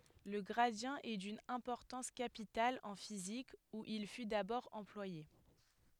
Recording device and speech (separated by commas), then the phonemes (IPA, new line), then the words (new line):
headset microphone, read sentence
lə ɡʁadi ɛ dyn ɛ̃pɔʁtɑ̃s kapital ɑ̃ fizik u il fy dabɔʁ ɑ̃plwaje
Le gradient est d'une importance capitale en physique, où il fut d'abord employé.